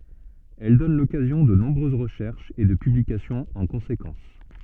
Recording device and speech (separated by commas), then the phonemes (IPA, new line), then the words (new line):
soft in-ear microphone, read sentence
ɛl dɔn lɔkazjɔ̃ də nɔ̃bʁøz ʁəʃɛʁʃz e də pyblikasjɔ̃z ɑ̃ kɔ̃sekɑ̃s
Elles donnent l'occasion de nombreuses recherches et de publications en conséquence.